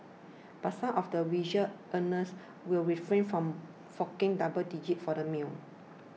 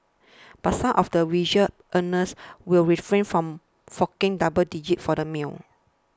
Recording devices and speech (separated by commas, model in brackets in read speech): mobile phone (iPhone 6), standing microphone (AKG C214), read sentence